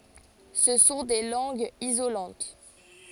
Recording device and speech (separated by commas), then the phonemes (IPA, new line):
forehead accelerometer, read sentence
sə sɔ̃ de lɑ̃ɡz izolɑ̃t